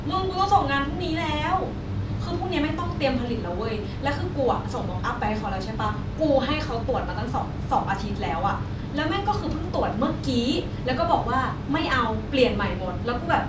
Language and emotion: Thai, angry